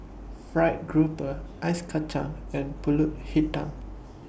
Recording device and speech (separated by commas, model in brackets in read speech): boundary microphone (BM630), read sentence